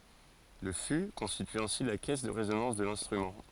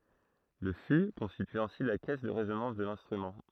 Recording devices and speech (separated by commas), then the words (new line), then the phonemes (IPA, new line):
forehead accelerometer, throat microphone, read sentence
Le fût constitue ainsi la caisse de résonance de l'instrument.
lə fy kɔ̃stity ɛ̃si la kɛs də ʁezonɑ̃s də lɛ̃stʁymɑ̃